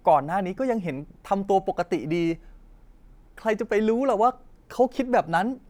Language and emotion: Thai, frustrated